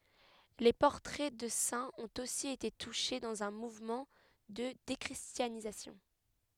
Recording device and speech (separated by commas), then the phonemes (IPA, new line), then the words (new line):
headset microphone, read sentence
le pɔʁtʁɛ də sɛ̃z ɔ̃t osi ete tuʃe dɑ̃z œ̃ muvmɑ̃ də dekʁistjanizasjɔ̃
Les portraits de saints ont aussi été touchés, dans un mouvement de déchristianisation.